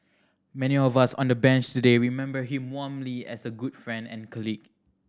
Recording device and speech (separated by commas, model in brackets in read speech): standing microphone (AKG C214), read sentence